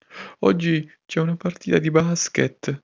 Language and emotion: Italian, fearful